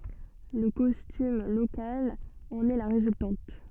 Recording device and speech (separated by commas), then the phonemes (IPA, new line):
soft in-ear microphone, read sentence
lə kɔstym lokal ɑ̃n ɛ la ʁezyltɑ̃t